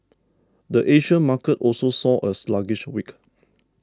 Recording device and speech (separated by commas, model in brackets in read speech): standing microphone (AKG C214), read sentence